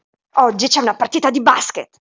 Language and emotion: Italian, angry